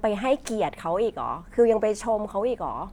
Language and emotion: Thai, frustrated